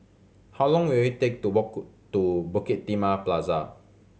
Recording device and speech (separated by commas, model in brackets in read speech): mobile phone (Samsung C7100), read sentence